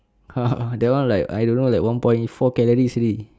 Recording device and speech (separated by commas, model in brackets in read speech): standing microphone, conversation in separate rooms